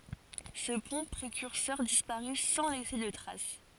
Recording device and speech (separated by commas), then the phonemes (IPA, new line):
forehead accelerometer, read sentence
sə pɔ̃ pʁekyʁsœʁ dispaʁy sɑ̃ lɛse də tʁas